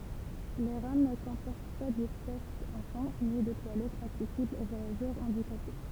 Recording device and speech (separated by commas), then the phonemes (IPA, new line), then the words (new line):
temple vibration pickup, read sentence
le ʁam nə kɔ̃pɔʁt pa dɛspas ɑ̃fɑ̃ ni də twalɛtz aksɛsiblz o vwajaʒœʁ ɑ̃dikape
Les rames ne comportent pas d'espace enfants, ni de toilettes accessibles aux voyageurs handicapés.